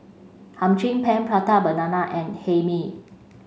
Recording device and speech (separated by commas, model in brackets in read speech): mobile phone (Samsung C5), read sentence